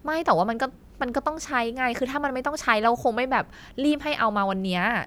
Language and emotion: Thai, frustrated